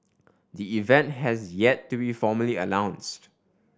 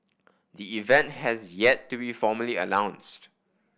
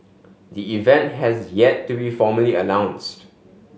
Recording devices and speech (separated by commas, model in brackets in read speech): standing microphone (AKG C214), boundary microphone (BM630), mobile phone (Samsung S8), read sentence